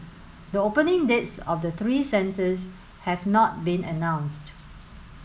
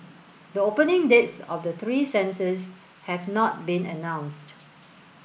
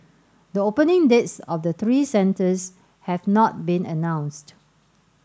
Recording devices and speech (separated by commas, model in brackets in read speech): mobile phone (Samsung S8), boundary microphone (BM630), standing microphone (AKG C214), read sentence